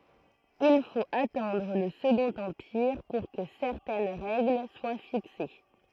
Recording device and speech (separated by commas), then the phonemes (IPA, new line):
throat microphone, read sentence
il fot atɑ̃dʁ lə səɡɔ̃t ɑ̃piʁ puʁ kə sɛʁtɛn ʁɛɡl swa fikse